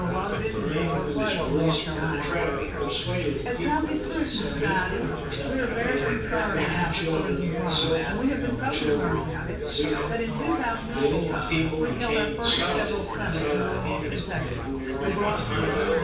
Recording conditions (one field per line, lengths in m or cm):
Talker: one person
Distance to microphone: 9.8 m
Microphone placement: far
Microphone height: 1.8 m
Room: large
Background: babble